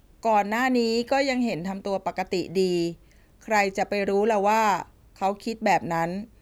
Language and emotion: Thai, neutral